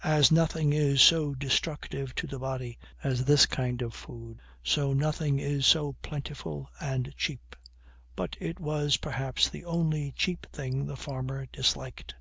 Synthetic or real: real